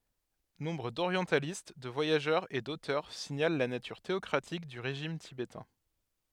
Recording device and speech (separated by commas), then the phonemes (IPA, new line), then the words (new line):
headset microphone, read sentence
nɔ̃bʁ doʁjɑ̃talist də vwajaʒœʁz e dotœʁ siɲal la natyʁ teɔkʁatik dy ʁeʒim tibetɛ̃
Nombre d'orientalistes, de voyageurs et d'auteurs signalent la nature théocratique du régime tibétain.